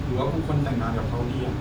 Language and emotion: Thai, frustrated